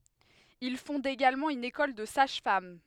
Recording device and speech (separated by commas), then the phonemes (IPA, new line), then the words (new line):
headset microphone, read sentence
il fɔ̃d eɡalmɑ̃ yn ekɔl də saʒ fam
Il fonde également une école de sages-femmes.